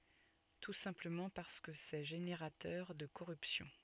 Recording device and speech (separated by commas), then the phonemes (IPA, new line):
soft in-ear microphone, read sentence
tu sɛ̃pləmɑ̃ paʁskə sɛ ʒeneʁatœʁ də koʁypsjɔ̃